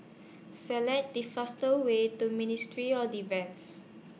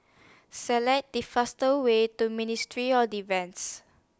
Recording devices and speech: mobile phone (iPhone 6), standing microphone (AKG C214), read sentence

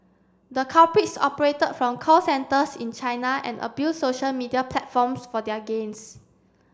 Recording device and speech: standing microphone (AKG C214), read sentence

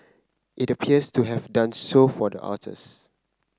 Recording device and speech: close-talking microphone (WH30), read sentence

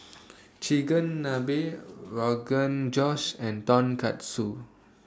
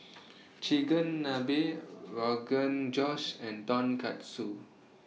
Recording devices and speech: standing microphone (AKG C214), mobile phone (iPhone 6), read sentence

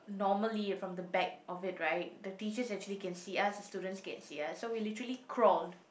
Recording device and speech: boundary microphone, conversation in the same room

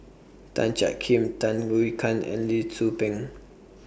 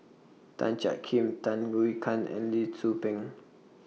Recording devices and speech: boundary microphone (BM630), mobile phone (iPhone 6), read sentence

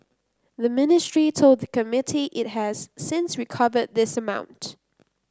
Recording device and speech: close-talking microphone (WH30), read sentence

